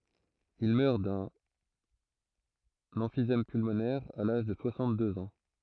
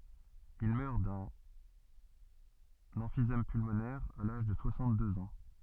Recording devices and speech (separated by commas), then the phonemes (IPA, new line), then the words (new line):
throat microphone, soft in-ear microphone, read sentence
il mœʁ dœ̃n ɑ̃fizɛm pylmonɛʁ a laʒ də swasɑ̃tdøz ɑ̃
Il meurt d'un emphysème pulmonaire à l'âge de soixante-deux ans.